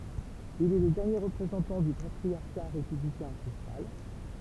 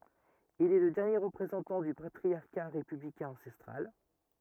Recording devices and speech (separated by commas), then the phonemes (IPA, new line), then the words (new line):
temple vibration pickup, rigid in-ear microphone, read sentence
il ɛ lə dɛʁnje ʁəpʁezɑ̃tɑ̃ dy patʁisja ʁepyblikɛ̃ ɑ̃sɛstʁal
Il est le dernier représentant du patriciat républicain ancestral.